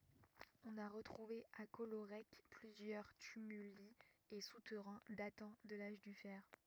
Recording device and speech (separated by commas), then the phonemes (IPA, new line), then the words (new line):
rigid in-ear microphone, read sentence
ɔ̃n a ʁətʁuve a kɔloʁɛk plyzjœʁ tymyli e sutɛʁɛ̃ datɑ̃ də laʒ dy fɛʁ
On a retrouvé à Collorec plusieurs tumuli et souterrains datant de l'âge du fer.